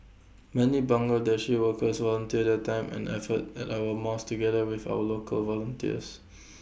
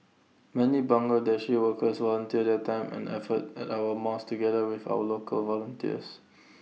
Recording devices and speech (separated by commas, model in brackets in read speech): boundary microphone (BM630), mobile phone (iPhone 6), read sentence